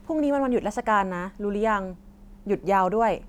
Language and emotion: Thai, neutral